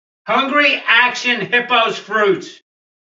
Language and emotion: English, fearful